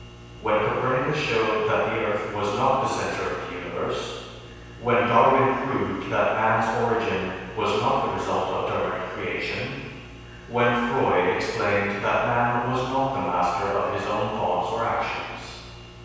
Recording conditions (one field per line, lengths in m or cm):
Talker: one person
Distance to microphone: 7.1 m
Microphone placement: far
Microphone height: 1.7 m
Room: very reverberant, large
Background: none